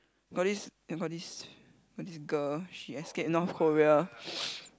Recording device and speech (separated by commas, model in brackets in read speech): close-talking microphone, conversation in the same room